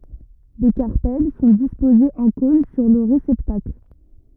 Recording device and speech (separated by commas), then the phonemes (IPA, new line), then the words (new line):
rigid in-ear microphone, read sentence
le kaʁpɛl sɔ̃ dispozez ɑ̃ kɔ̃n syʁ lə ʁesɛptakl
Les carpelles sont disposés en cône sur le réceptacle.